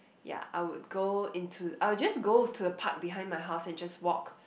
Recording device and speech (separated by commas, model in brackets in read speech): boundary microphone, conversation in the same room